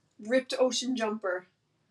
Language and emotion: English, fearful